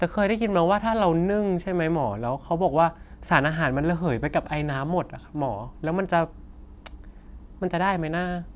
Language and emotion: Thai, neutral